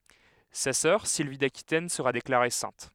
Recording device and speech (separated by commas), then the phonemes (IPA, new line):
headset microphone, read sentence
sa sœʁ silvi dakitɛn səʁa deklaʁe sɛ̃t